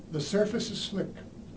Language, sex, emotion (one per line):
English
male
neutral